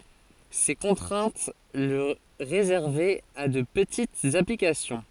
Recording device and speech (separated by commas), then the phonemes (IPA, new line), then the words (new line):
forehead accelerometer, read sentence
se kɔ̃tʁɛ̃t lə ʁezɛʁvɛt a də pətitz aplikasjɔ̃
Ces contraintes le réservaient à de petites applications.